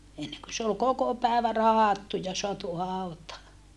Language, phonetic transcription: Finnish, enneŋkö se ol koko pä̀evä rahattu ja soatu hàutaa .
- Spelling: ennen kuin se oli koko päivä rahdattu ja saatu hautaan

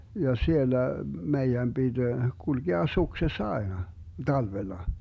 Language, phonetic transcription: Finnish, ja 'siellä 'meijäm 'BiD , 'Gulgea 'sukses"s ‿aena , 'talvella .
- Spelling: ja siellä meidän piti kulkea suksessa aina talvella

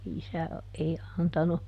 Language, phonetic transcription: Finnish, ˈisä , ei ˈantanu, .
- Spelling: isä ei antanut

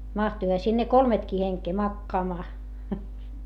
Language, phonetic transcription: Finnish, mahtuiha sinne kolmetkii heŋkee makkaamaa .
- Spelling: mahtuihan sinne kolmekin henkeä makaamaan

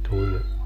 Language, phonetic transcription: Finnish, 'tuĺ ,.
- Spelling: tuli

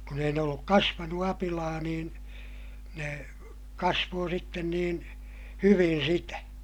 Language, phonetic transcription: Finnish, kun ‿ei ne olluk kasvanu apilaa niin , ne , kasvoo sitten niin , hyvin̬ sitä .
- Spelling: kun ei ne ollut kasvanut apilaa niin ne kasvoi sitten niin hyvin sitä

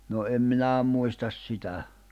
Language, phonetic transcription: Finnish, no em 'minä̀ muistas 'sitä .
- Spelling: no en minä muista sitä

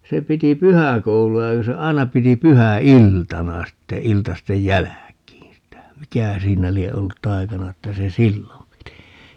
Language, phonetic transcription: Finnish, 'se 'piti "pyhäkoulu₍a ja ku se "ai̮na 'piti 'pyhä₍"iltana sitte 'iltastej "jäläkiin̬ sitä - "mikähä 'siinä 'lie 'ollut "tai̮kana 'että se "sillom piti ?
- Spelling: se piti pyhäkoulua ja kun se aina piti pyhäiltana sitten iltasten jälkeen sitä mikähän siinä lie ollut taikana että se silloin piti

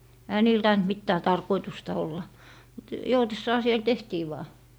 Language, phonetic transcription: Finnish, 'ehä niil 'taint 'mittää "tarkoitusta olla , mut , 'joutessaa siel "tehtii vaa .
- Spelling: eihän niillä tainnut mitään tarkoitusta olla mutta joutessaan siellä tehtiin vain

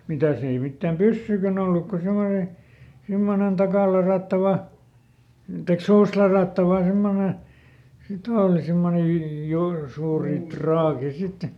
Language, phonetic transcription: Finnish, ˈmitä ‿ei ˈmittääm "pyssyikän ‿olluk ko ˈsemone , ˈsimmonen ˈtakàlaràttava , taik "suustlaràttava ˈsemmone , siˈt ‿ooli simmone ju- , ˈjur- , ˈsuuri "traaki sit .
- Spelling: mitäs ei mitään pyssyjäkään ollut kuin semmoinen semmoinen takaaladattava tai suustaladattava semmoinen sitten oli semmoinen - - suuri traaki sitten

